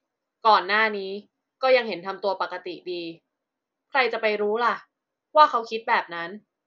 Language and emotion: Thai, frustrated